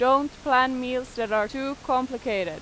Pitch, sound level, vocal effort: 255 Hz, 93 dB SPL, very loud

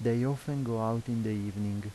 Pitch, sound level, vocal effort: 115 Hz, 82 dB SPL, soft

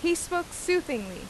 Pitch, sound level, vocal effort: 340 Hz, 88 dB SPL, very loud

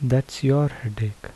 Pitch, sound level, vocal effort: 130 Hz, 74 dB SPL, soft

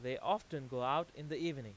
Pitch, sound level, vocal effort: 150 Hz, 95 dB SPL, very loud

